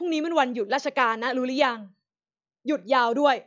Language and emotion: Thai, frustrated